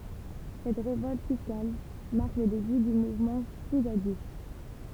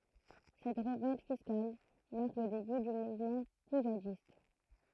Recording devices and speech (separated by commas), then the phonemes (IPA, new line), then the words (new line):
temple vibration pickup, throat microphone, read sentence
sɛt ʁevɔlt fiskal maʁk lə deby dy muvmɑ̃ puʒadist
Cette révolte fiscale marque le début du mouvement poujadiste.